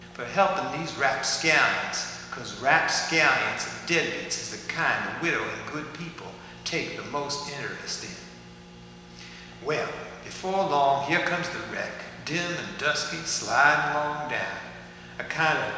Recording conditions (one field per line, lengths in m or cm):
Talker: one person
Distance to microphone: 1.7 m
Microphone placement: close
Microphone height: 1.0 m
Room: very reverberant, large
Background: none